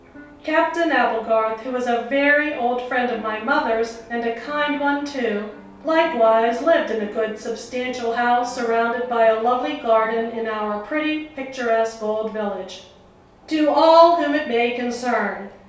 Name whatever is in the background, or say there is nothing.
A television.